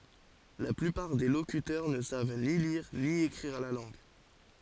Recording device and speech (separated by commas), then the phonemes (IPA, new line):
forehead accelerometer, read sentence
la plypaʁ de lokytœʁ nə sav ni liʁ ni ekʁiʁ la lɑ̃ɡ